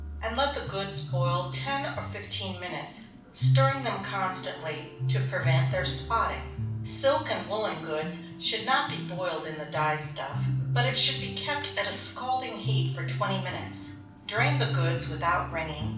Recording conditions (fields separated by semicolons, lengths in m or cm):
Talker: one person; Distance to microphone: 5.8 m; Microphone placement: far; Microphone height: 1.8 m; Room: medium-sized (5.7 m by 4.0 m); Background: music